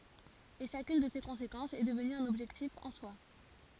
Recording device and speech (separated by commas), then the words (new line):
forehead accelerometer, read sentence
Et chacune de ces conséquences est devenue un objectif en soi.